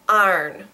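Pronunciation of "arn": This is 'iron' in a Southern accent, said 'arn' with only one syllable.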